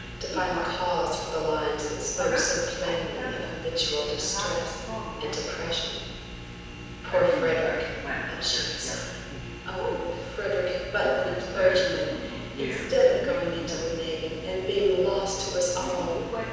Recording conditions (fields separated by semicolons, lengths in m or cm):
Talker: one person; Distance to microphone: 7.1 m; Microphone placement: far; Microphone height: 1.7 m; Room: very reverberant, large; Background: television